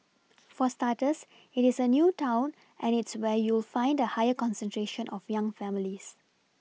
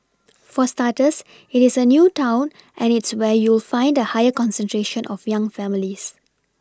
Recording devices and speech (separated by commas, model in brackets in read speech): mobile phone (iPhone 6), standing microphone (AKG C214), read sentence